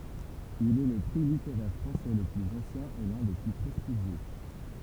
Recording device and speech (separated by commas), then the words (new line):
temple vibration pickup, read sentence
Il est le prix littéraire français le plus ancien et l'un des plus prestigieux.